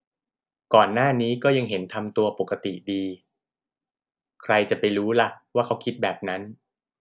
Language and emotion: Thai, neutral